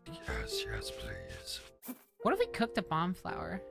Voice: Quiet Scary Voice